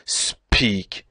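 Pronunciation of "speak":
'speak' is pronounced incorrectly here: the p is plosive, with a puff of air after it.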